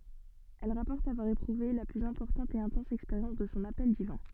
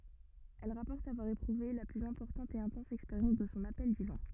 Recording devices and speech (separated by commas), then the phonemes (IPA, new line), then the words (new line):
soft in-ear microphone, rigid in-ear microphone, read sentence
ɛl ʁapɔʁt avwaʁ epʁuve la plyz ɛ̃pɔʁtɑ̃t e ɛ̃tɑ̃s ɛkspeʁjɑ̃s də sɔ̃ apɛl divɛ̃
Elle rapporte avoir éprouvé la plus importante et intense expérience de son appel divin.